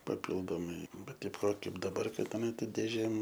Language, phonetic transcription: Lithuanian, paˈpildomai ˈbet ˈtaip ˈva ˈkaip daˈbar ˈkad aˈna ˈtaip dėˈžėm

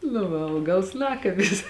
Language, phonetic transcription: Lithuanian, nu ˈva ˈaugals ˈnakabis

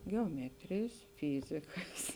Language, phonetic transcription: Lithuanian, geoˈmetrėjs ˈfyzikas

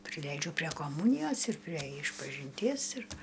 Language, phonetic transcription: Lithuanian, priˈleidžiu prie koˈmūnijos ir prie išpažinˈties ir

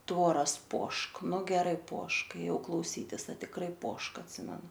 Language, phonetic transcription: Lithuanian, ˈtvoras ˈpošk ˈnu geˈrai ˈpošk ėˈjau klauˈsytis a tikˈrai ˈpošk atˈsimenu

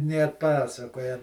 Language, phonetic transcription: Lithuanian, nė atˈpasakoja

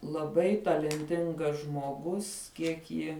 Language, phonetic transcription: Lithuanian, laˈbai talenˈtingas žmoˈgus ˈkiek ji

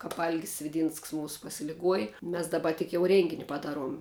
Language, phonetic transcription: Lithuanian, ˈkāp ˈalgis sviˈdynsks ˈmūsu pasiliˈguoji ˈmes daˈba tik jau ˈrėngini paˈdaˌruom

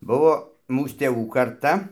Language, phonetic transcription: Lithuanian, ˈbuvo ˈmūs tėˈvų karˈta

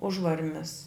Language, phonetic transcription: Lithuanian, ˈužvarmis

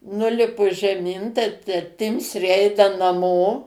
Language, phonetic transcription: Lithuanian, ˈnulipu žeˈmin tai ta ˈtimsrė ˈeina naˈmo

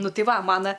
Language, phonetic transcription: Lithuanian, ˈnu ˈtai ˈva ˈmana

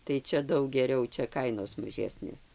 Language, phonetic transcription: Lithuanian, tai ˈčia ˈdaug geˈriau ˈčia ˈkainos maˈžesnės

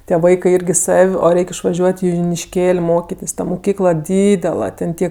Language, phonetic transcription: Lithuanian, tie ˈvaikɜ ˈirgi ˈsav' o ˈreik išvaˈžiuot' i junišˈkėl' ˈmokitės' ˈta muˈkykla ˈdydela ten ˈtie

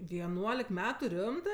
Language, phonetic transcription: Lithuanian, vieˈnuolik ˈmetu ˈrimtɜ

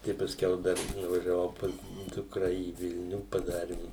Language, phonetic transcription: Lithuanian, ˈtai paˈskiau ˈdar nuvažiaˈvau ˈpas ˈdukra į ˈvilniu paˈdarim

